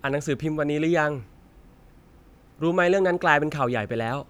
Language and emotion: Thai, neutral